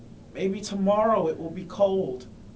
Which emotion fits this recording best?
neutral